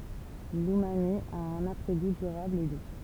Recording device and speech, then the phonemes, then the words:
temple vibration pickup, read sentence
lymami a œ̃n apʁɛ ɡu dyʁabl e du
L’umami a un après-goût durable et doux.

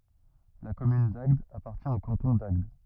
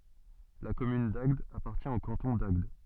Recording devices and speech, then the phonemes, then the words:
rigid in-ear microphone, soft in-ear microphone, read sentence
la kɔmyn daɡd apaʁtjɛ̃ o kɑ̃tɔ̃ daɡd
La commune d'Agde appartient au canton d'Agde.

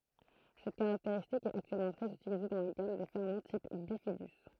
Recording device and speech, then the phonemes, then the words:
throat microphone, read sentence
sɛt kaʁakteʁistik ɛt aktyɛlmɑ̃ tʁɛz ytilize dɑ̃ la ɡam de fɛʁmɑ̃ tip bifidy
Cette caractéristique est actuellement très utilisée dans la gamme des ferments type bifidus.

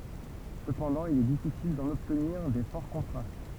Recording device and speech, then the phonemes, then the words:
temple vibration pickup, read sentence
səpɑ̃dɑ̃ il ɛ difisil dɑ̃n ɔbtniʁ de fɔʁ kɔ̃tʁast
Cependant, il est difficile d'en obtenir des forts contrastes.

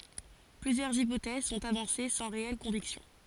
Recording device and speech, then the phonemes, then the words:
forehead accelerometer, read sentence
plyzjœʁz ipotɛz sɔ̃t avɑ̃se sɑ̃ ʁeɛl kɔ̃viksjɔ̃
Plusieurs hypothèses sont avancées sans réelles convictions.

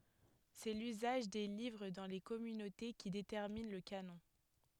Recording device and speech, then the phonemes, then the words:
headset microphone, read sentence
sɛ lyzaʒ de livʁ dɑ̃ le kɔmynote ki detɛʁmin lə kanɔ̃
C'est l'usage des livres dans les communautés qui détermine le canon.

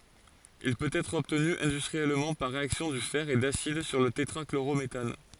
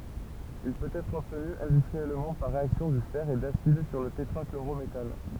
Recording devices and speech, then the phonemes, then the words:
forehead accelerometer, temple vibration pickup, read sentence
il pøt ɛtʁ ɔbtny ɛ̃dystʁiɛlmɑ̃ paʁ ʁeaksjɔ̃ dy fɛʁ e dasid syʁ lə tetʁakloʁometan
Il peut être obtenu industriellement par réaction du fer et d'acide sur le tétrachlorométhane.

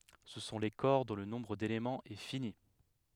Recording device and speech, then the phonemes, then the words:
headset microphone, read sentence
sə sɔ̃ le kɔʁ dɔ̃ lə nɔ̃bʁ delemɑ̃z ɛ fini
Ce sont les corps dont le nombre d'éléments est fini.

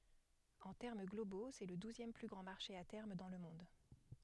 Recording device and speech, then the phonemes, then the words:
headset microphone, read sentence
ɑ̃ tɛʁm ɡlobo sɛ lə duzjɛm ply ɡʁɑ̃ maʁʃe a tɛʁm dɑ̃ lə mɔ̃d
En termes globaux, c'est le douzième plus grand marché à terme dans le monde.

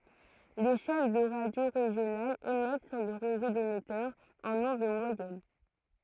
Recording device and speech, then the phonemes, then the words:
throat microphone, read sentence
le ʃɛn də ʁadjo ʁeʒjonalz emɛt syʁ lə ʁezo demɛtœʁz ɑ̃n ɔ̃d mwajɛn
Les chaînes de radio régionales émettent sur le réseau d'émetteurs en ondes moyennes.

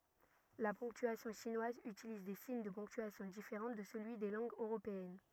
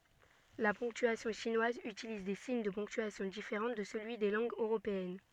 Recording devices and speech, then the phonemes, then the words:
rigid in-ear microphone, soft in-ear microphone, read sentence
la pɔ̃ktyasjɔ̃ ʃinwaz ytiliz de siɲ də pɔ̃ktyasjɔ̃ difeʁɑ̃ də səlyi de lɑ̃ɡz øʁopeɛn
La ponctuation chinoise utilise des signes de ponctuation différents de celui des langues européennes.

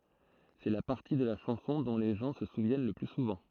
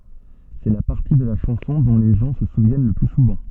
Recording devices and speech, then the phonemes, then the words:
throat microphone, soft in-ear microphone, read sentence
sɛ la paʁti də la ʃɑ̃sɔ̃ dɔ̃ le ʒɑ̃ sə suvjɛn lə ply suvɑ̃
C’est la partie de la chanson dont les gens se souviennent le plus souvent.

